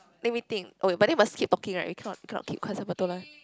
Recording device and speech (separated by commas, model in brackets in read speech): close-talking microphone, conversation in the same room